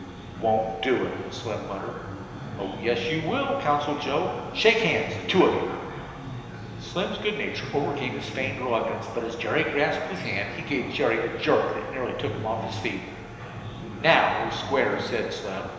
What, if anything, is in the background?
Crowd babble.